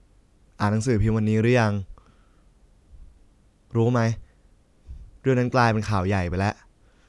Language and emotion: Thai, neutral